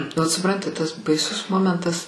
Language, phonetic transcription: Lithuanian, vat suˈpranti tas baiˈsus ˈmomentas

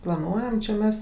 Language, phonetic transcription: Lithuanian, plaˈnuojam čia ˈmes

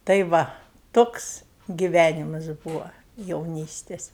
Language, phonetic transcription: Lithuanian, tai ˈva ˈtoks giˈvænimas ˈbūva jauˈnystės

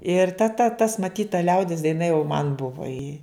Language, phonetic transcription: Lithuanian, ir ta ta tas maˈtyt ta ˈliaudis daiˈna jau man ˈbuva i

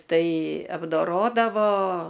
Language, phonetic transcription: Lithuanian, ˈtai apdoˈrodavo

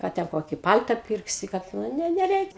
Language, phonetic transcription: Lithuanian, ˈką ten ˈkokį ˈpal'ta ˈpirksi kad ˈnu nu neˈreik'

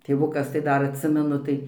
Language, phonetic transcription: Lithuanian, tėˈvukas tai ˈdar atˈsimenu tai

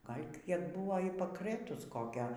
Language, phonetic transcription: Lithuanian, ˈgal' ˈkiek ˈbuvo y pakˈrɘtus ˈkokio

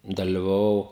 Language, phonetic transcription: Lithuanian, dalivaˈvau

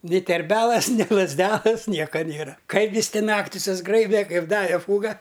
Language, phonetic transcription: Lithuanian, ni terˈbelas ni lazˈdelas ˈnieka ˈnėra ˈkaip ˈjis ˈti ˈnakti susˈgraibe kaip ˈdave ˈfūga

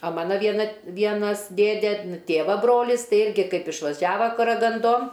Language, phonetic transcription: Lithuanian, a ˈmana vieˈna t ˈvienas ˈdėdė ˈtėva ˈbrolis ˈtai ˈirgi ˈkaip išvaˈžiava karaganˈdon

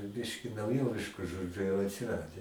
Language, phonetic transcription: Lithuanian, ˈbiški nauˈjovišku ˈžodžiu jau atsiˈrade

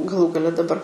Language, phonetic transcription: Lithuanian, gaˈlų gaˈle daˈbar

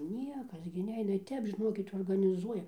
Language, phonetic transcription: Lithuanian, ˈniekas gi ˈneina ir ˈtep žiˈnokit organiˈzuoja

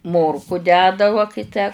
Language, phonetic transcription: Lithuanian, ˈmorku ˈdeda va kai ˈtę

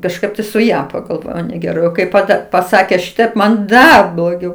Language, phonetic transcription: Lithuanian, kažˈkaip tai su ˈja pagalˈvojau negeˈrai o ˈkaip paˈda paˈsakė ˈšitaip man ˈdar bloˈgiau

